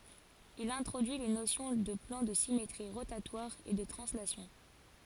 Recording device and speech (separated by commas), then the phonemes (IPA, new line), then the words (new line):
forehead accelerometer, read sentence
il ɛ̃tʁodyi le nosjɔ̃ də plɑ̃ də simetʁi ʁotatwaʁz e də tʁɑ̃slasjɔ̃
Il introduit les notions de plans de symétries rotatoires et de translation.